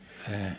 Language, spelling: Finnish, en
- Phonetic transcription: en .

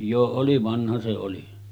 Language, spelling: Finnish, jo oli vanha se oli
- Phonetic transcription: jo 'oli 'vanha se oli .

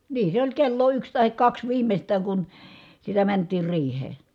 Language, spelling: Finnish, niin se oli kello yksi tai kaksi viimeistään kun sitä mentiin riiheen
- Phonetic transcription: nii , se oĺ kello yks tahik kaks viimest̀ääŋ kun , sitä mänt̆tiir riih̀ee .

